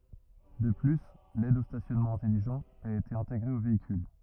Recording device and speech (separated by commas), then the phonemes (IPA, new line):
rigid in-ear microphone, read sentence
də ply lɛd o stasjɔnmɑ̃ ɛ̃tɛliʒɑ̃t a ete ɛ̃teɡʁe o veikyl